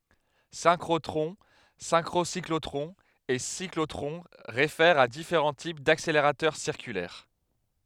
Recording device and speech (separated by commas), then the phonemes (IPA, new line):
headset microphone, read sentence
sɛ̃kʁotʁɔ̃ sɛ̃kʁosiklotʁɔ̃z e siklotʁɔ̃ ʁefɛʁt a difeʁɑ̃ tip dakseleʁatœʁ siʁkylɛʁ